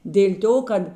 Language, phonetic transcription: Lithuanian, dėl' ˈto ˈkad

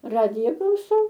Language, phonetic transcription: Lithuanian, ˈradija klauˈsau

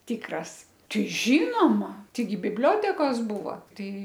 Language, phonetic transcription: Lithuanian, ˈtikras ˈtai ˈžynoma ˈtaigi bibˈliotekos ˈbūva ˈtai

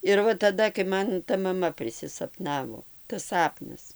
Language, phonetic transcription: Lithuanian, ir ˈva taˈda kai ˈman ta maˈma prisisaˈpnavo tas ˈsapnas

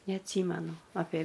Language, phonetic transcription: Lithuanian, neatˈsymenu apė

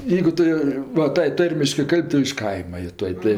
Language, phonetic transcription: Lithuanian, ˈjeigu ˈtu jo va ˈtai ˈtarmiškɜ ˈkal'b' ˈtu iš ˈkaima jo ˈtuoj ˈtai

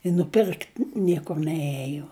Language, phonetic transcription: Lithuanian, i nuˈpirkt ˈniekur neˈėjo

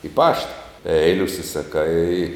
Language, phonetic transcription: Lithuanian, i ˈpašta ˈeili užsisaˈkai

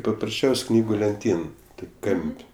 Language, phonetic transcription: Lithuanian, paprasˈčiaus' ˈknygu lenˈtyn ˈtok' ˈkam'p'

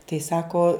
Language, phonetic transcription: Lithuanian, tai ˈsako

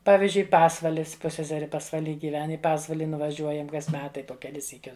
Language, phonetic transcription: Lithuanian, ˈpavizdžiui ˈpasvalis ˈpusseseri pasvaˈly giˈven i ˈpasvali nuvaˈžiuojam ˈkas ˈmetai po keˈlis syˈkius

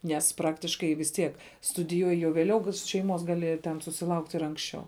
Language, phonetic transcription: Lithuanian, nes ˈpraktiškai vis ˈtiek studiˈjuoji jau vėˈliau šeiˈmos ˈgali ten susiˈlaukt' ir ˈanksˌčiau

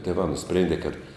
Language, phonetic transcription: Lithuanian, tėˈvā nuˈsprėndė kad

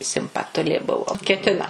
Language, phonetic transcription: Lithuanian, simpaˈtulė ˈbuvo keˈtina

